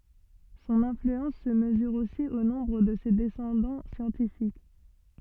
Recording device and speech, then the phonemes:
soft in-ear microphone, read sentence
sɔ̃n ɛ̃flyɑ̃s sə məzyʁ osi o nɔ̃bʁ də se dɛsɑ̃dɑ̃ sjɑ̃tifik

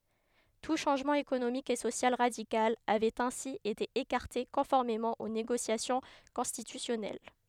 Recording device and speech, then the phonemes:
headset microphone, read sentence
tu ʃɑ̃ʒmɑ̃ ekonomik e sosjal ʁadikal avɛt ɛ̃si ete ekaʁte kɔ̃fɔʁmemɑ̃ o neɡosjasjɔ̃ kɔ̃stitysjɔnɛl

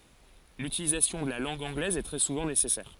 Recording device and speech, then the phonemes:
forehead accelerometer, read sentence
lytilizasjɔ̃ də la lɑ̃ɡ ɑ̃ɡlɛz ɛ tʁɛ suvɑ̃ nesɛsɛʁ

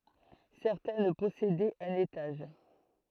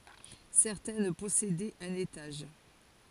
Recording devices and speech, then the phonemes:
throat microphone, forehead accelerometer, read sentence
sɛʁtɛn pɔsedɛt œ̃n etaʒ

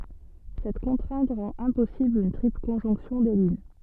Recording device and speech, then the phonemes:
soft in-ear microphone, read sentence
sɛt kɔ̃tʁɛ̃t ʁɑ̃t ɛ̃pɔsibl yn tʁipl kɔ̃ʒɔ̃ksjɔ̃ de lyn

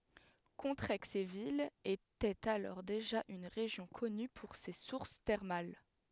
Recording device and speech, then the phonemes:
headset microphone, read sentence
kɔ̃tʁɛɡzevil etɛt alɔʁ deʒa yn ʁeʒjɔ̃ kɔny puʁ se suʁs tɛʁmal

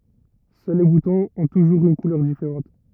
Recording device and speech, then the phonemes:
rigid in-ear microphone, read sentence
sœl le butɔ̃z ɔ̃ tuʒuʁz yn kulœʁ difeʁɑ̃t

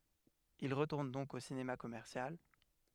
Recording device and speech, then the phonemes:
headset microphone, read sentence
il ʁətuʁn dɔ̃k o sinema kɔmɛʁsjal

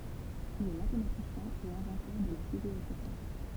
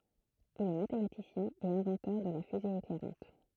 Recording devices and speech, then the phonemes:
temple vibration pickup, throat microphone, read sentence
il ɛ matematisjɛ̃ e ɛ̃vɑ̃tœʁ də la fyze eklɛʁɑ̃t

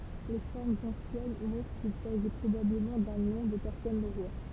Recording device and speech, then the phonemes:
temple vibration pickup, read sentence
le fɔʁmz ɑ̃sjɛn mɔ̃tʁ kil saʒi pʁobabləmɑ̃ dœ̃ nɔ̃ də pɛʁsɔn noʁwa

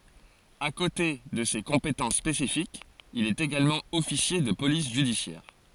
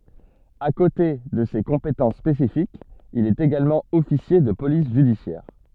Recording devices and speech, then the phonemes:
forehead accelerometer, soft in-ear microphone, read sentence
a kote də se kɔ̃petɑ̃s spesifikz il ɛt eɡalmɑ̃ ɔfisje də polis ʒydisjɛʁ

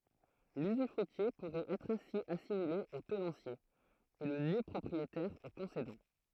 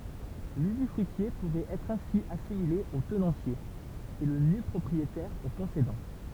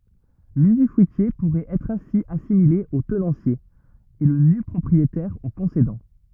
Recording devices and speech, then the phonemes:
throat microphone, temple vibration pickup, rigid in-ear microphone, read sentence
lyzyfʁyitje puʁɛt ɛtʁ ɛ̃si asimile o tənɑ̃sje e lə nypʁɔpʁietɛʁ o kɔ̃sedɑ̃

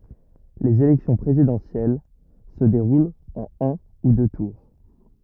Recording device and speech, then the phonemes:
rigid in-ear microphone, read sentence
lez elɛksjɔ̃ pʁezidɑ̃sjɛl sə deʁult ɑ̃n œ̃ u dø tuʁ

